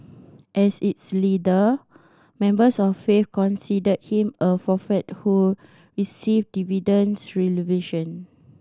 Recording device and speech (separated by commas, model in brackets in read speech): standing microphone (AKG C214), read sentence